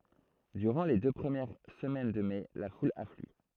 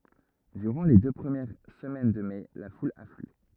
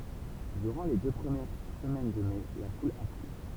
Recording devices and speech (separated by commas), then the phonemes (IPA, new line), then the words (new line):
throat microphone, rigid in-ear microphone, temple vibration pickup, read sentence
dyʁɑ̃ le dø pʁəmjɛʁ səmɛn də mɛ la ful afly
Durant les deux premières semaines de mai, la foule afflue.